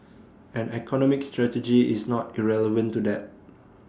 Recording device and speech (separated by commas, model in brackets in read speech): standing microphone (AKG C214), read sentence